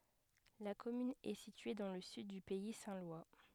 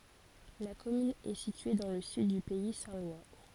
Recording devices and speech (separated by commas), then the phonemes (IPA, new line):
headset microphone, forehead accelerometer, read sentence
la kɔmyn ɛ sitye dɑ̃ lə syd dy pɛi sɛ̃ lwa